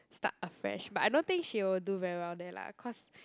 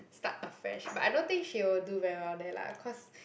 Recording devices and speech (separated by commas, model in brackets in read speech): close-talking microphone, boundary microphone, conversation in the same room